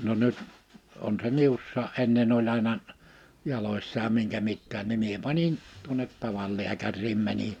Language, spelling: Finnish, no nyt on se minussakin ennen oli aina jaloissa ja minkä mitäkin niin minä panin tuonne tavan lääkäriin menin
- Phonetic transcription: no nyt , on se "miussaa '’ennen ‿oĺ àena , 'jaloissa ja 'miŋkä 'mittään ni 'mie pańin , tuonet 'taval 'liäkär̆riim 'mäni(n) .

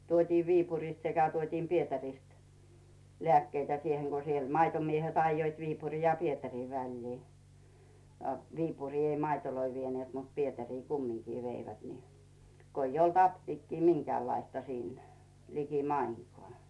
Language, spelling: Finnish, tuotiin Viipurista sekä tuotiin Pietarista lääkkeitä siihen kun se maitomiehet ajoivat Viipurin ja Pietarin väliä a Viipuriin ei maitoja vieneet mutta Pietariin kumminkin veivät niin kun ei ollut apteekkia minkäänlaista siinä likimainkaan
- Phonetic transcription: 'tuotii "Viipuriśt sekä 'tuotiim "Pietärist , lᵉä̀kkeitä 'sieheŋ ko se 'maitomiehet aⁱjjoit 'Viipuri ja "Pietärii 'väĺlii , a "Viipuri ei 'maitoloi vieneet mut "Pietärii 'kummiŋkii 'veivät ni , 'ko ‿ij ‿olt 'aptiikkii "miŋkᵉä̀llaista 'siin , 'liki"maiŋkoà .

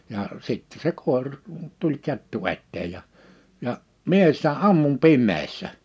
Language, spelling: Finnish, ja sitten se - tuli kettu eteen ja ja minä sitä ammuin pimeässä
- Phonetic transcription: jà , 'sittɛ se 'kòer- , tuĺ 'kettu 'etteej̆ ja , ja , 'mie sitä "ammum "pimmeessä .

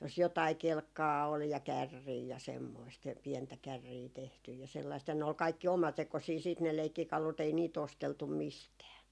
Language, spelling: Finnish, jos jotakin kelkkaa oli ja kärriä ja semmoista ja pientä kärriä tehty ja sellaista ja ne oli kaikki omatekoisia sitten ne leikkikalut ei niitä osteltu mistään
- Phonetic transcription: jos 'jotai "kelkkaa ol ja "kärrii ja 'semmoist jä , 'piɛntä 'kärrii tehtyj ja 'sellaist ja ne ol 'kaikki "omatekosii siit ne 'leikkikalut ‿ei niit 'osteltum "mistää .

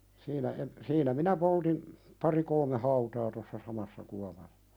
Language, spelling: Finnish, siinä - siinä minä poltin pari kolme hautaa tuossa samassa kuopassa
- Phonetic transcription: siinä en- , siinä "minä 'poltim , 'pari 'kolme "hautaa tossa "samassa 'kuapa(ssa) .

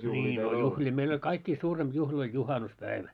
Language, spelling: Finnish, niin no juhlia meillä oli kaikkia suurempi juhla oli juhannuspäivä
- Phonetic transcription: ńii no 'juhĺii meil ‿oĺ 'kaikkii 'suuremʙ juhl ‿oĺ 'juhanus"päivä .

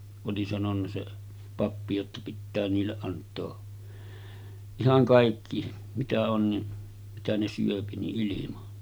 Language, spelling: Finnish, oli sanonut se pappi jotta pitää niille antaa ihan kaikki mitä on niin mitä ne syö niin ilman
- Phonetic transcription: oli sanonna se 'pappi jotta » 'pittää 'niilleˀ ˀant̆too , 'ihaŋ kàikki , 'mitä on ni , 'mitä ne syöpi ni ’ilima « .

